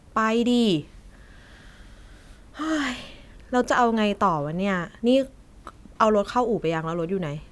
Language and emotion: Thai, frustrated